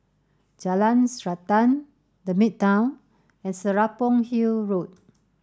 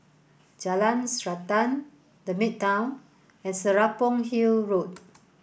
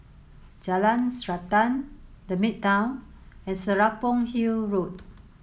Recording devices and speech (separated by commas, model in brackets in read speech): standing microphone (AKG C214), boundary microphone (BM630), mobile phone (Samsung S8), read sentence